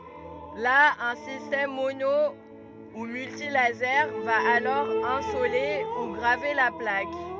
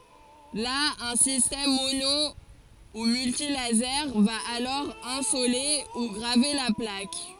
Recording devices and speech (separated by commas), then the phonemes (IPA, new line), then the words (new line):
rigid in-ear microphone, forehead accelerometer, read sentence
la œ̃ sistɛm mono u myltilaze va alɔʁ ɛ̃sole u ɡʁave la plak
Là, un système mono ou multilasers va alors insoler ou graver la plaque.